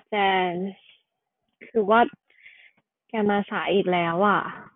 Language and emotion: Thai, frustrated